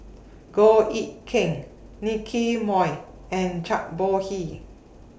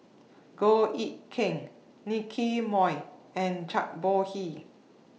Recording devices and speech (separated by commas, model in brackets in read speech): boundary microphone (BM630), mobile phone (iPhone 6), read sentence